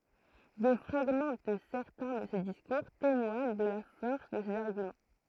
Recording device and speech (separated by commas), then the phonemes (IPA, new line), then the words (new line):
throat microphone, read sentence
de fʁaɡmɑ̃ də sɛʁtɛ̃ də se diskuʁ temwaɲ də la fɔʁs də sez aʁɡymɑ̃
Des fragments de certains de ses discours témoignent de la force de ses arguments.